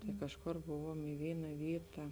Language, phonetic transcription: Lithuanian, tai ˈkažˌkor ˈbuvuom i ˈvyna ˈvyta

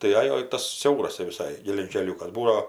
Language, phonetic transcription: Lithuanian, tai ˈajo i ˈtas ˈsiauras tep viˈsai geležinˈkeliukas ˈbūdao

